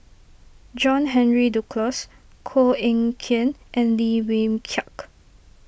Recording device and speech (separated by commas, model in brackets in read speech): boundary microphone (BM630), read sentence